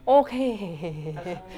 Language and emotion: Thai, happy